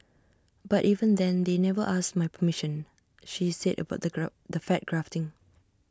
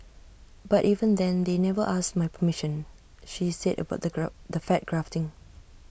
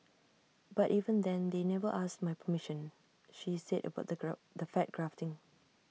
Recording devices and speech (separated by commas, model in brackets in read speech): standing microphone (AKG C214), boundary microphone (BM630), mobile phone (iPhone 6), read sentence